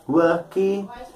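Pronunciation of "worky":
'Work' is pronounced incorrectly here: the end of the word is overpronounced and added as a separate syllable, so it sounds like 'worky'.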